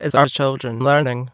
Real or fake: fake